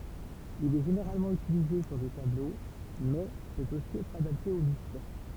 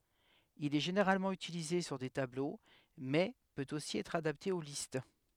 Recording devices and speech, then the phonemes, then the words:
temple vibration pickup, headset microphone, read sentence
il ɛ ʒeneʁalmɑ̃ ytilize syʁ de tablo mɛ pøt osi ɛtʁ adapte o list
Il est généralement utilisé sur des tableaux, mais peut aussi être adapté aux listes.

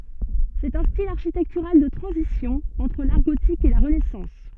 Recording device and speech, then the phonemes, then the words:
soft in-ear microphone, read sentence
sɛt œ̃ stil aʁʃitɛktyʁal də tʁɑ̃zisjɔ̃ ɑ̃tʁ laʁ ɡotik e la ʁənɛsɑ̃s
C'est un style architectural de transition entre l'art gothique et la Renaissance.

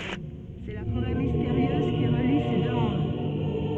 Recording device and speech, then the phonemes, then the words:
soft in-ear microphone, read sentence
sɛ la foʁɛ misteʁjøz ki ʁəli se dø mɔ̃d
C'est la forêt mystérieuse qui relie ces deux mondes.

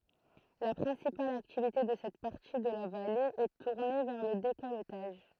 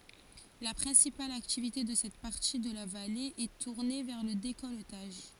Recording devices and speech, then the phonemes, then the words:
throat microphone, forehead accelerometer, read sentence
la pʁɛ̃sipal aktivite də sɛt paʁti də la vale ɛ tuʁne vɛʁ lə dekɔltaʒ
La principale activité de cette partie de la vallée est tournée vers le décolletage.

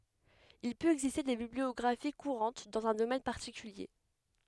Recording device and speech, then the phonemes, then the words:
headset microphone, read sentence
il pøt ɛɡziste de bibliɔɡʁafi kuʁɑ̃t dɑ̃z œ̃ domɛn paʁtikylje
Il peut exister des bibliographies courantes dans un domaine particulier.

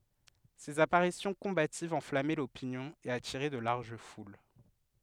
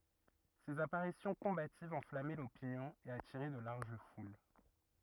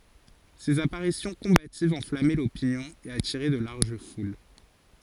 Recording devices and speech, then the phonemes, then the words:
headset microphone, rigid in-ear microphone, forehead accelerometer, read sentence
sez apaʁisjɔ̃ kɔ̃bativz ɑ̃flamɛ lopinjɔ̃ e atiʁɛ də laʁʒ ful
Ses apparitions combatives enflammaient l'opinion et attiraient de larges foules.

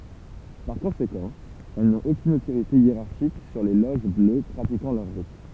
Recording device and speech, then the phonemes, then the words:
temple vibration pickup, read sentence
paʁ kɔ̃sekɑ̃ ɛl nɔ̃t okyn otoʁite jeʁaʁʃik syʁ le loʒ blø pʁatikɑ̃ lœʁ ʁit
Par conséquent, elles n'ont aucune autorité hiérarchique sur les loges bleues pratiquant leur rite.

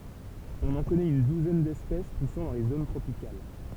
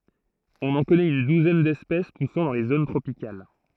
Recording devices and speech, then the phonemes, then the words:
temple vibration pickup, throat microphone, read sentence
ɔ̃n ɑ̃ kɔnɛt yn duzɛn dɛspɛs pusɑ̃ dɑ̃ le zon tʁopikal
On en connaît une douzaine d'espèces poussant dans les zones tropicales.

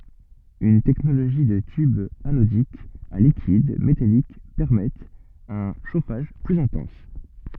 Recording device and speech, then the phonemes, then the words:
soft in-ear microphone, read sentence
yn tɛknoloʒi də tybz anodikz a likid metalik pɛʁmɛtt œ̃ ʃofaʒ plyz ɛ̃tɑ̃s
Une technologie de tubes anodiques à liquide métalliques permettent un chauffage plus intense.

